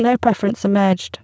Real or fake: fake